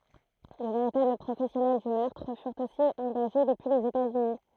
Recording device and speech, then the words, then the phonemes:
throat microphone, read sentence
De véritables professionnels du meurtre furent aussi engagés depuis les États-Unis.
də veʁitabl pʁofɛsjɔnɛl dy mœʁtʁ fyʁt osi ɑ̃ɡaʒe dəpyi lez etaz yni

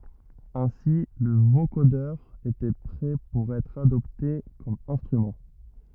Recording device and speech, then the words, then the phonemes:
rigid in-ear microphone, read sentence
Ainsi le vocodeur était prêt pour être adopté comme instrument.
ɛ̃si lə vokodœʁ etɛ pʁɛ puʁ ɛtʁ adɔpte kɔm ɛ̃stʁymɑ̃

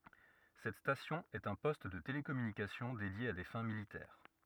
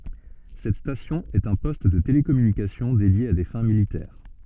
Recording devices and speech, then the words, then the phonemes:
rigid in-ear microphone, soft in-ear microphone, read sentence
Cette station est un poste de télécommunication dédié à des fins militaires.
sɛt stasjɔ̃ ɛt œ̃ pɔst də telekɔmynikasjɔ̃ dedje a de fɛ̃ militɛʁ

